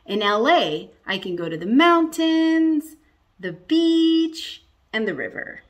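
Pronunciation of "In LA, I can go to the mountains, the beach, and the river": The voice rises on 'the mountains', rises on 'the beach', and falls on 'the river' at the end of the list.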